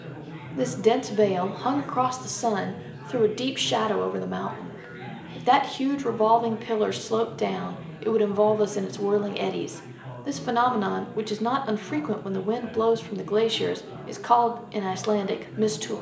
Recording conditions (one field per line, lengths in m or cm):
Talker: one person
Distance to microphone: 1.8 m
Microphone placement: close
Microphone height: 1.0 m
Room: large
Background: babble